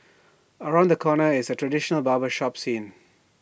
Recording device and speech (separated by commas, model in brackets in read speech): boundary microphone (BM630), read sentence